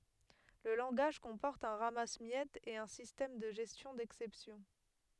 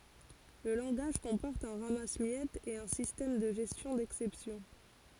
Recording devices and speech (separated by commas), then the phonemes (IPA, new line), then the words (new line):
headset microphone, forehead accelerometer, read sentence
lə lɑ̃ɡaʒ kɔ̃pɔʁt œ̃ ʁamasəmjɛtz e œ̃ sistɛm də ʒɛstjɔ̃ dɛksɛpsjɔ̃
Le langage comporte un ramasse-miettes et un système de gestion d'exceptions.